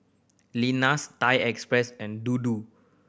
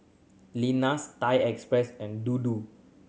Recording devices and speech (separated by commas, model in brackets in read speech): boundary microphone (BM630), mobile phone (Samsung C7100), read sentence